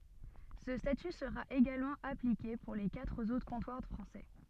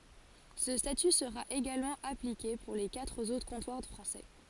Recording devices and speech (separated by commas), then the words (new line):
soft in-ear microphone, forehead accelerometer, read sentence
Ce statut sera également appliqué pour les quatre autres comptoirs français.